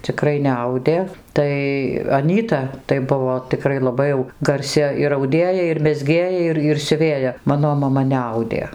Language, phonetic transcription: Lithuanian, ciˈkrai neˈaudė ˈtai aˈnyta tai ˈbuvo tiˈkrai laˈbai jau garˈsi ir auˈdėja ir mezˈgėja ˈir ir siuˈvėja ˈmano maˈma neˈaudė

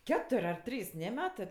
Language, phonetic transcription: Lithuanian, ˈketur' ar ˈtrys ˈne ˈmetɜ

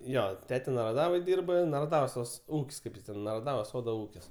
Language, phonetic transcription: Lithuanian, ˈjo ˈtete naraˈdavoj ˈdyrba naraˈdavos tas ˈūk's' ˈkaip jis ˈten naraˈdavos ˈsodo ˈūkis

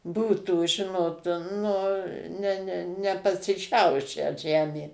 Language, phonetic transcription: Lithuanian, ˈbūtų ˈžinot ˈnu ne ne nepasiˈšiaušę ˈžemė

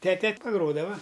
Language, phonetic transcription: Lithuanian, ˈtete paˈgrodava

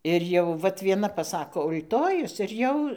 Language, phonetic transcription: Lithuanian, ˈir jau ˈvat vieˈna paˈsako ul'ˈtojus ir ˈjau

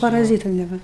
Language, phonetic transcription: Lithuanian, paraˈzytu neˈva

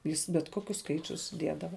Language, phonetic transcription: Lithuanian, ˈjis bet ˈkokius ˈskaičius ˈdiedava

